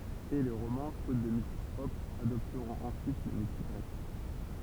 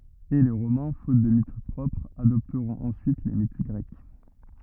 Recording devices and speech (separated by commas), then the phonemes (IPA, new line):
temple vibration pickup, rigid in-ear microphone, read sentence
e le ʁomɛ̃ fot də mit pʁɔpʁz adɔptʁɔ̃t ɑ̃syit le mit ɡʁɛk